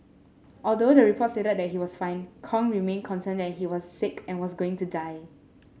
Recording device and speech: mobile phone (Samsung S8), read sentence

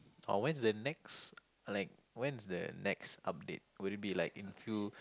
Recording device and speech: close-talking microphone, conversation in the same room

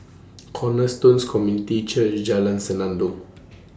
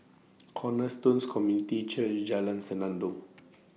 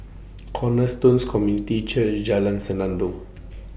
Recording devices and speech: standing microphone (AKG C214), mobile phone (iPhone 6), boundary microphone (BM630), read sentence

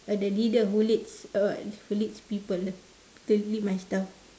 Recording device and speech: standing microphone, conversation in separate rooms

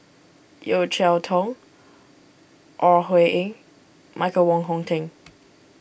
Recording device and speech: boundary microphone (BM630), read sentence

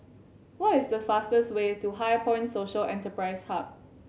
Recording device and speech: mobile phone (Samsung C7100), read sentence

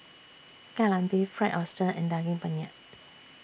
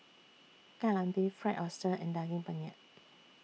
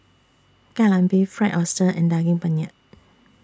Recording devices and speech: boundary microphone (BM630), mobile phone (iPhone 6), standing microphone (AKG C214), read sentence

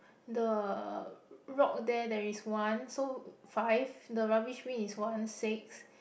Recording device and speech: boundary microphone, conversation in the same room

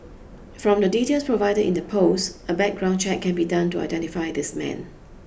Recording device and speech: boundary microphone (BM630), read sentence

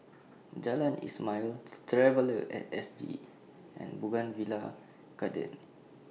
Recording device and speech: mobile phone (iPhone 6), read sentence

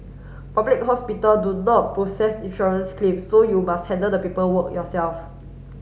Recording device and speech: mobile phone (Samsung S8), read sentence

